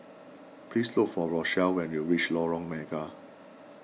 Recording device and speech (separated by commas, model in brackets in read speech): mobile phone (iPhone 6), read sentence